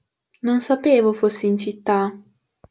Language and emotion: Italian, neutral